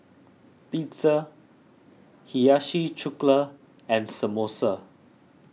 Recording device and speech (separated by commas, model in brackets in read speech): mobile phone (iPhone 6), read sentence